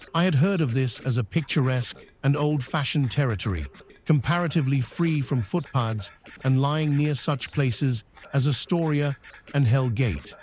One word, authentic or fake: fake